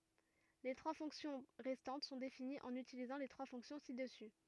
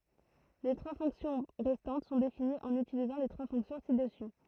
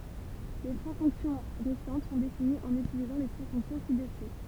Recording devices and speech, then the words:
rigid in-ear microphone, throat microphone, temple vibration pickup, read sentence
Les trois fonctions restantes sont définies en utilisant les trois fonctions ci-dessus.

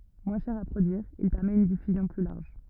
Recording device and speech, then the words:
rigid in-ear microphone, read sentence
Moins cher à produire, il permet une diffusion plus large.

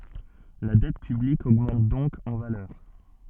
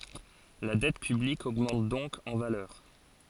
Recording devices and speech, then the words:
soft in-ear microphone, forehead accelerometer, read sentence
La dette publique augmente donc en valeur.

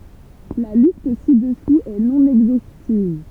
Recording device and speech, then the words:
temple vibration pickup, read sentence
La liste ci-dessous est non exhaustive.

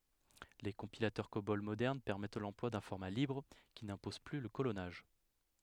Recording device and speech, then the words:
headset microphone, read sentence
Les compilateurs Cobol modernes permettent l'emploi d'un format libre qui n'impose plus le colonnage.

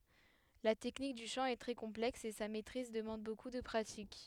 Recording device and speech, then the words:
headset microphone, read sentence
La technique du chant est très complexe et sa maîtrise demande beaucoup de pratique.

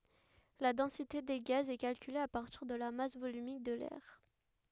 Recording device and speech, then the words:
headset microphone, read sentence
La densité des gaz est calculée à partir de la masse volumique de l'air.

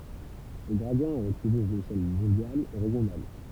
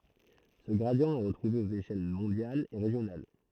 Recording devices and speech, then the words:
temple vibration pickup, throat microphone, read sentence
Ce gradient est retrouvé aux échelles mondiales et régionales.

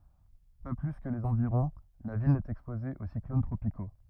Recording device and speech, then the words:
rigid in-ear microphone, read sentence
Pas plus que les environs, la ville n'est exposée aux cyclones tropicaux.

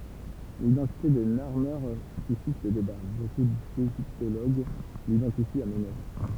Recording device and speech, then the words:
temple vibration pickup, read sentence
L'identité de Narmer suscite le débat, beaucoup d'égyptologues l'identifient à Ménès.

